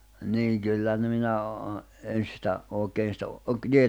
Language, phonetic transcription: Finnish, niiŋ 'kyllä nᵊ minä o- o- , en̬ sⁱtä , òekeen̬ sⁱtä ,.
- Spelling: niin kyllä no minä - - en sitä oikein sitä

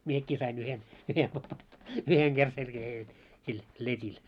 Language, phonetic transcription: Finnish, 'miekki sai'n ‿yhen , yhen , 'yheŋ ɢer selkähee jot , sil , 'let́il .
- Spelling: minäkin sain yhden yhden yhden kerran selkään jotta sillä letillä

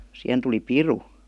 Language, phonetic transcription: Finnish, sihen tuli "piru .
- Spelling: siihen tuli piru

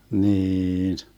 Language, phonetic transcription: Finnish, niiin .
- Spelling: niin

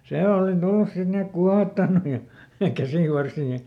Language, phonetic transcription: Finnish, ˈse ˈòli ˈtullus sit ˈni ek ˈkuahottannu ja , ˈkäsìvarsii .
- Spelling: se oli tullut sitten niin että kuohottanut ja käsivarsia

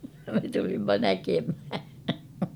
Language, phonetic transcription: Finnish, (ja) me tulimma 'näkemhä .
- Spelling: ja me tulimme näkemään

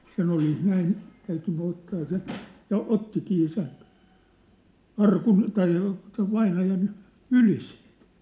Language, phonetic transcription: Finnish, sen ‿olis 'näin , täytynny 'ottaa seⁿ̬ , ja "ottikii sen̬ , "arkun , tai , sev 'vainajan , "yli sɪɪɴt .
- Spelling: sen olisi näin täytynyt ottaa sen ja ottikin sen arkun tai sen vainajan yli siitä

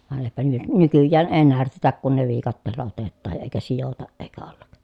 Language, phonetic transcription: Finnish, vàen eⁱpä ny- nykyjjään ee närtetäk kun ne viikatteella otettaaj ja eekä sijotaʼ ʼeekä ollak .
- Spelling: vain eipä - nykyään ei närtetä kun ne viikatteella otetaan ja eikä sidota eikä olla

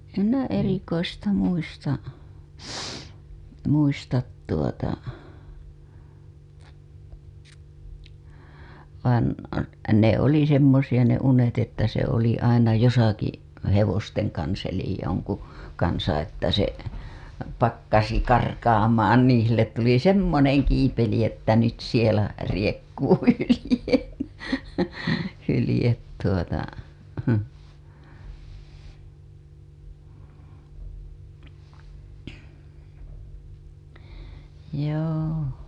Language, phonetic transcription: Finnish, 'em "minä 'erikoista muista , muistat tuota , vaan , ne "oli 'semmosiʲa ne 'unet että se oli aina 'josaki , 'hevosteŋ kans elij joŋku , kansa että se , pakkasi 'karkaamaan niiḭ sillet tuli "semmoneŋ kiipeli ‿että nyt sielä , 'riekkuupi 'hylĭje , hylĭjet tuota , joo .
- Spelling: en minä erikoista muista muista tuota vaan ne oli semmoisia ne unet että se oli aina jossakin hevosten kanssa eli jonkun kanssa että se pakkasi karkaamaan niin sille tuli semmoinen kiipeli että nyt siellä riekkuu hylje hylkeet tuota joo

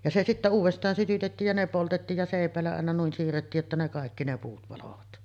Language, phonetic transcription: Finnish, ja se 'sittä uuvest̀aan sytytettiij ja 'ne poltettiij ja 'sèip̀ä̀ellä àena 'nuin siirrettiij jotta ne 'kàekki ne puut palovat .
- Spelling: ja se sitten uudestaan sytytettiin ja ne poltettiin ja seipäillä aina noin siirrettiin jotta ne kaikki ne puut paloivat

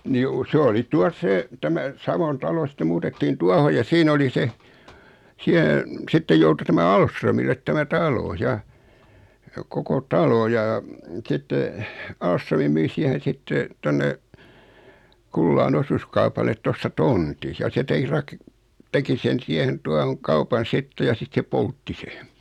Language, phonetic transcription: Finnish, ni ju- 's ‿oli tuas 'se , 'tämä , 'Savon 'talo sⁱtte 'muutettiin "tuaho ja 'siin ‿oli se , 'siä , 'sittej joutu 'tämä "Alsrömillet 'tämä "talo 'ja , koko 'talo ja , 'sitte , 'Aalströmi 'myi si(ä)hen̬ 'sitte , 'tonne , 'Kullaan 'osuskaupalet 'tosta "tonti , ja se tek-'rak- , 'teki sen 'siehen 'tuahoŋ 'kaupan "sitte ja 'sit se "poltti se .
- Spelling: niin - se oli tuossa se tämä Savon talo sitten muutettiin tuohon ja siinä oli se siellä sitten joutui tämä Ahlströmille tämä talo ja koko talo ja sitten Ahlström myi siihen sitten tuonne Kullaan osuuskaupalle tuosta tontin ja se - teki sen siihen tuohon kaupan sitten ja sitten se poltti sen

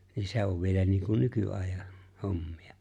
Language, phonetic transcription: Finnish, niin 'se ‿o̭v vielä niiŋku , 'nyky₍àejah̆ , 'hommi₍a .
- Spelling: niin se on vielä niin kuin nykyajan hommia

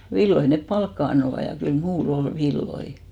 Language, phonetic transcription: Finnish, 'villoi nep "palkka annova , ja 'kyl "muu'l ‿ol "villoi .
- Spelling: villoja ne palkkaa antoivat ja kyllä minulla oli villoja

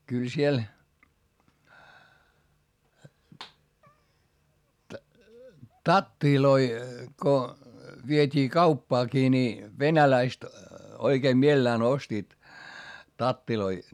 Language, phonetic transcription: Finnish, kyl siel , tattiloi ko , viet́ii kauppaakii ni , venäläist , oikeem mielelään ostiit , tattiloi .
- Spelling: kyllä siellä tatteja kun vietiin kauppaankin niin venäläiset oikein mielellään ostivat tatteja

